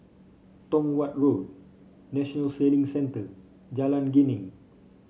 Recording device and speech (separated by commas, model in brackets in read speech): mobile phone (Samsung C5), read sentence